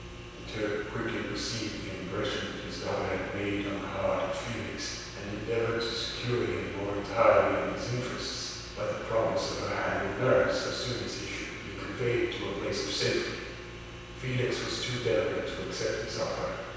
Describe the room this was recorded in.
A large, very reverberant room.